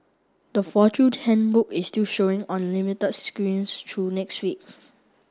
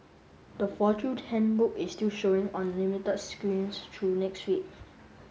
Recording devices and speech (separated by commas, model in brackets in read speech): standing microphone (AKG C214), mobile phone (Samsung S8), read sentence